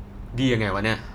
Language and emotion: Thai, frustrated